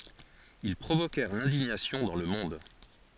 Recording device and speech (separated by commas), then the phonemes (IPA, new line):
forehead accelerometer, read sentence
il pʁovokɛʁ lɛ̃diɲasjɔ̃ dɑ̃ lə mɔ̃d